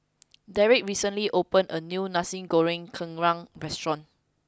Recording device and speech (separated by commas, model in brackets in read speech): close-talking microphone (WH20), read sentence